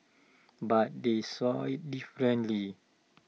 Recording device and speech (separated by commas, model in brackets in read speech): mobile phone (iPhone 6), read sentence